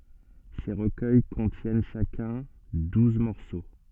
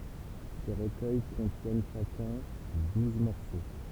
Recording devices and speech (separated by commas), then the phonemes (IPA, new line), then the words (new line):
soft in-ear microphone, temple vibration pickup, read sentence
se ʁəkœj kɔ̃tjɛn ʃakœ̃ duz mɔʁso
Ces recueils contiennent chacun douze morceaux.